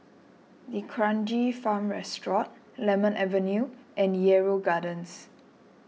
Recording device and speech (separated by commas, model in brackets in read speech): mobile phone (iPhone 6), read sentence